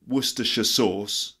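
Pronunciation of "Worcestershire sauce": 'Worcestershire sauce' is said the full way: 'Worcestershire' is not shortened to 'Worcester'.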